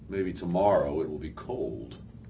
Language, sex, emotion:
English, male, neutral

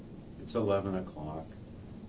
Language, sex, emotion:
English, male, sad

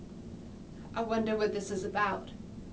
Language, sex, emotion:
English, female, fearful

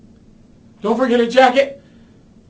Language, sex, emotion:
English, male, fearful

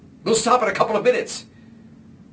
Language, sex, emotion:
English, male, angry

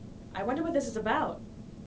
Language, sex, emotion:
English, female, neutral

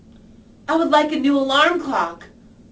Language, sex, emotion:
English, female, angry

